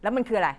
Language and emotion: Thai, angry